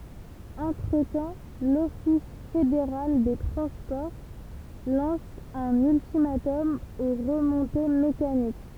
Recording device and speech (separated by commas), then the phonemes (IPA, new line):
temple vibration pickup, read sentence
ɑ̃tʁətɑ̃ lɔfis fedeʁal de tʁɑ̃spɔʁ lɑ̃s œ̃n yltimatɔm o ʁəmɔ̃te mekanik